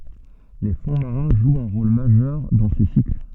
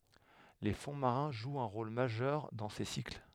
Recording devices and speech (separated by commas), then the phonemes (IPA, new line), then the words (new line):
soft in-ear microphone, headset microphone, read sentence
le fɔ̃ maʁɛ̃ ʒwt œ̃ ʁol maʒœʁ dɑ̃ se sikl
Les fonds marins jouent un rôle majeur dans ces cycles.